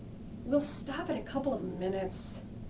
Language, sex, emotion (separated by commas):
English, female, disgusted